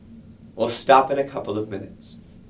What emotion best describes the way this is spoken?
disgusted